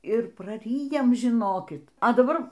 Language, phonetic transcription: Lithuanian, ir praˈryjam žiˈnokit a daˈbar

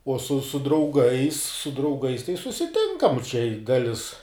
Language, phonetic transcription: Lithuanian, uo su su drauˈgais su drauˈgais tai susiˈtinkam čia i ˈdalis

